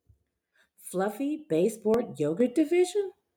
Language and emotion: English, disgusted